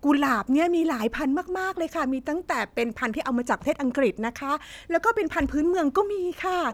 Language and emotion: Thai, happy